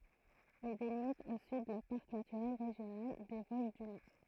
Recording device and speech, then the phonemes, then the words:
throat microphone, read sentence
il delimit o syd lə paʁk natyʁɛl ʁeʒjonal de voʒ dy nɔʁ
Il délimite au sud le parc naturel régional des Vosges du Nord.

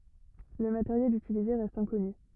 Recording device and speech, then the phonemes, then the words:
rigid in-ear microphone, read sentence
lə mateʁjɛl ytilize ʁɛst ɛ̃kɔny
Le matériel utilisé reste inconnu.

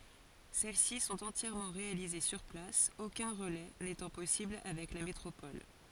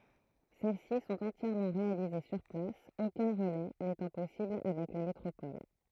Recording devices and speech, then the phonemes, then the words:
forehead accelerometer, throat microphone, read sentence
sɛl si sɔ̃t ɑ̃tjɛʁmɑ̃ ʁealize syʁ plas okœ̃ ʁəlɛ netɑ̃ pɔsibl avɛk la metʁopɔl
Celles-ci sont entièrement réalisées sur place, aucun relais n'étant possible avec la métropole.

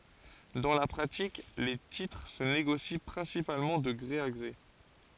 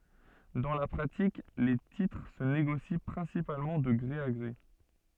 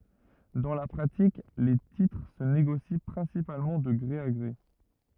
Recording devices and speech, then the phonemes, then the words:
forehead accelerometer, soft in-ear microphone, rigid in-ear microphone, read sentence
dɑ̃ la pʁatik le titʁ sə neɡosi pʁɛ̃sipalmɑ̃ də ɡʁe a ɡʁe
Dans la pratique, les titres se négocient principalement de gré à gré.

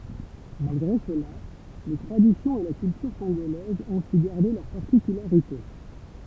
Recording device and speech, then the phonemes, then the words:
temple vibration pickup, read sentence
malɡʁe səla le tʁaditjɔ̃z e la kyltyʁ kɔ̃ɡolɛzz ɔ̃ sy ɡaʁde lœʁ paʁtikylaʁite
Malgré cela, les traditions et la culture congolaises ont su garder leurs particularités.

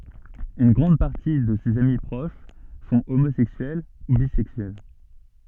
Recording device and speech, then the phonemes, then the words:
soft in-ear microphone, read sentence
yn ɡʁɑ̃d paʁti də sez ami pʁoʃ sɔ̃ omozɛksyɛl u bizɛksyɛl
Une grande partie de ses amis proches sont homosexuels ou bisexuels.

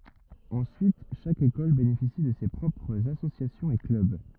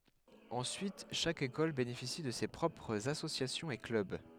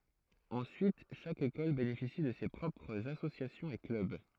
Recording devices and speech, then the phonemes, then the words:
rigid in-ear microphone, headset microphone, throat microphone, read sentence
ɑ̃syit ʃak ekɔl benefisi də se pʁɔpʁz asosjasjɔ̃z e klœb
Ensuite chaque école bénéficie de ses propres associations et clubs.

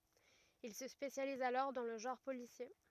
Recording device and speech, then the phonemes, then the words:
rigid in-ear microphone, read sentence
il sə spesjaliz alɔʁ dɑ̃ lə ʒɑ̃ʁ polisje
Il se spécialise alors dans le genre policier.

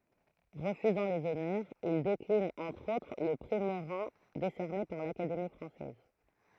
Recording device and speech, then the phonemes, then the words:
throat microphone, read sentence
ʁəfyzɑ̃ lez ɔnœʁz il deklin ɑ̃tʁ otʁ lə pʁi moʁɑ̃ desɛʁne paʁ lakademi fʁɑ̃sɛz
Refusant les honneurs, il décline entre autres le prix Morand décerné par l’Académie française.

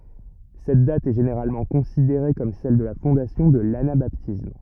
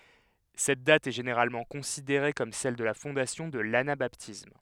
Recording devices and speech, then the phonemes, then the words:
rigid in-ear microphone, headset microphone, read sentence
sɛt dat ɛ ʒeneʁalmɑ̃ kɔ̃sideʁe kɔm sɛl də la fɔ̃dasjɔ̃ də lanabatism
Cette date est généralement considérée comme celle de la fondation de l'anabaptisme.

